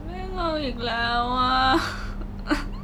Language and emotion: Thai, sad